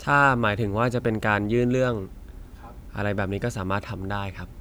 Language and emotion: Thai, neutral